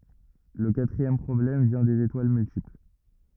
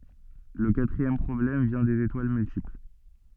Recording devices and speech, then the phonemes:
rigid in-ear microphone, soft in-ear microphone, read sentence
lə katʁiɛm pʁɔblɛm vjɛ̃ dez etwal myltipl

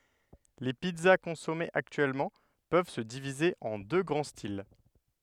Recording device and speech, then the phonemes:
headset microphone, read sentence
le pizza kɔ̃sɔmez aktyɛlmɑ̃ pøv sə divize ɑ̃ dø ɡʁɑ̃ stil

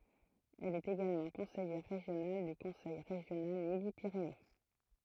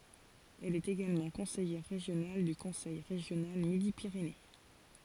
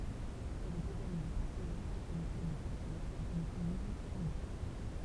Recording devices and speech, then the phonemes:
throat microphone, forehead accelerometer, temple vibration pickup, read sentence
ɛl ɛt eɡalmɑ̃ kɔ̃sɛjɛʁ ʁeʒjonal dy kɔ̃sɛj ʁeʒjonal midi piʁene

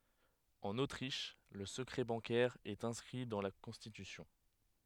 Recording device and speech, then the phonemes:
headset microphone, read sentence
ɑ̃n otʁiʃ lə səkʁɛ bɑ̃kɛʁ ɛt ɛ̃skʁi dɑ̃ la kɔ̃stitysjɔ̃

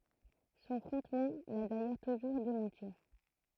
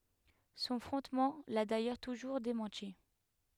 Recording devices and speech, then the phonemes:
throat microphone, headset microphone, read sentence
sɔ̃ fʁɔ̃tman la dajœʁ tuʒuʁ demɑ̃ti

